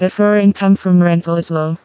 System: TTS, vocoder